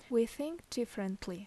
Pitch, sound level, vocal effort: 230 Hz, 77 dB SPL, normal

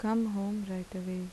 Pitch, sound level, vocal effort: 200 Hz, 80 dB SPL, soft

